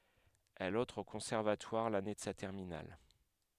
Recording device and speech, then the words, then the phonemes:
headset microphone, read sentence
Elle entre au conservatoire l'année de sa terminale.
ɛl ɑ̃tʁ o kɔ̃sɛʁvatwaʁ lane də sa tɛʁminal

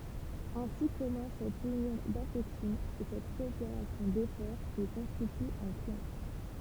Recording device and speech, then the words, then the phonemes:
temple vibration pickup, read sentence
Ainsi commence cette union d'affections, et cette coopération d'efforts, qui constitue un clan.
ɛ̃si kɔmɑ̃s sɛt ynjɔ̃ dafɛksjɔ̃z e sɛt kɔopeʁasjɔ̃ defɔʁ ki kɔ̃stity œ̃ klɑ̃

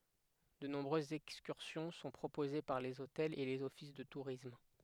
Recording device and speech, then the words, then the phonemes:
headset microphone, read sentence
De nombreuses excursions sont proposées par les hôtels et les offices de tourisme.
də nɔ̃bʁøzz ɛkskyʁsjɔ̃ sɔ̃ pʁopoze paʁ lez otɛlz e lez ɔfis də tuʁism

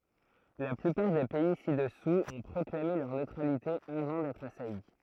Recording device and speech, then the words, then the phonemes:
throat microphone, read sentence
La plupart des pays ci-dessous ont proclamé leur neutralité avant d'être assaillis.
la plypaʁ de pɛi sidɛsuz ɔ̃ pʁɔklame lœʁ nøtʁalite avɑ̃ dɛtʁ asaji

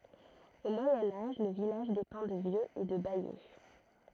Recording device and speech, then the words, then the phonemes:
throat microphone, read sentence
Au Moyen Âge, le village dépend de Vieux et de Bayeux.
o mwajɛ̃ aʒ lə vilaʒ depɑ̃ də vjøz e də bajø

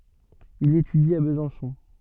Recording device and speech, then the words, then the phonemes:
soft in-ear microphone, read sentence
Il étudie à Besançon.
il etydi a bəzɑ̃sɔ̃

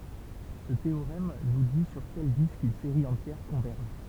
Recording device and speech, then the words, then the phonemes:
temple vibration pickup, read sentence
Ce théorème nous dit sur quel disque une série entière converge.
sə teoʁɛm nu di syʁ kɛl disk yn seʁi ɑ̃tjɛʁ kɔ̃vɛʁʒ

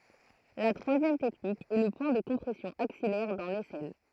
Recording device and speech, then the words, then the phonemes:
throat microphone, read sentence
La troisième technique est le point de compression axillaire, dans l'aisselle.
la tʁwazjɛm tɛknik ɛ lə pwɛ̃ də kɔ̃pʁɛsjɔ̃ aksijɛʁ dɑ̃ lɛsɛl

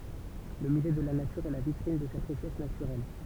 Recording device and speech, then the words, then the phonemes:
temple vibration pickup, read sentence
Le musée de la nature est la vitrine de cette richesse naturelle.
lə myze də la natyʁ ɛ la vitʁin də sɛt ʁiʃɛs natyʁɛl

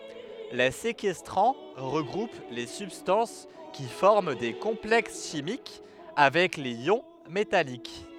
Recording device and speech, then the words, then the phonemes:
headset microphone, read sentence
Les séquestrants regroupent les substances qui forment des complexes chimiques avec les ions métalliques.
le sekɛstʁɑ̃ ʁəɡʁup le sybstɑ̃s ki fɔʁm de kɔ̃plɛks ʃimik avɛk lez jɔ̃ metalik

